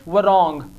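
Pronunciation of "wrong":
'Wrong' is pronounced incorrectly here, with the w sounded instead of silent.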